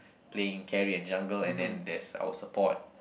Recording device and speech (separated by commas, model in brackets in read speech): boundary microphone, conversation in the same room